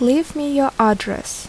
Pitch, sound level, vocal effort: 270 Hz, 78 dB SPL, normal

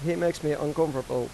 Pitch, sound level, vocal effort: 150 Hz, 90 dB SPL, normal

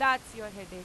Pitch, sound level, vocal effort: 215 Hz, 99 dB SPL, very loud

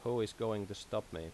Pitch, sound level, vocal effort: 105 Hz, 83 dB SPL, normal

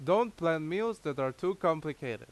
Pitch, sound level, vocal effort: 165 Hz, 91 dB SPL, very loud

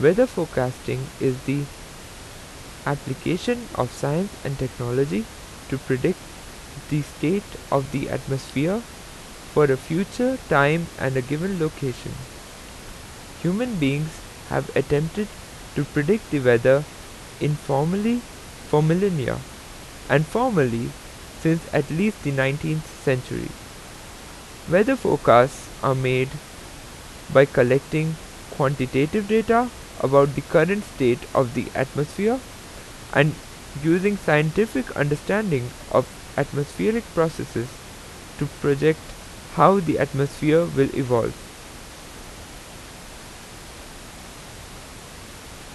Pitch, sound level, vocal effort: 145 Hz, 84 dB SPL, normal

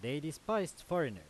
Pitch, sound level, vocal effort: 160 Hz, 94 dB SPL, loud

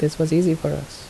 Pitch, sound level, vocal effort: 160 Hz, 74 dB SPL, soft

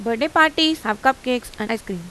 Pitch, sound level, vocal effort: 245 Hz, 89 dB SPL, normal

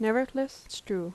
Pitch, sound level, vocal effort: 225 Hz, 79 dB SPL, soft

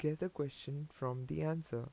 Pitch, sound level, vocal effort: 145 Hz, 81 dB SPL, soft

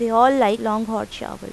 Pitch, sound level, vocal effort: 225 Hz, 88 dB SPL, normal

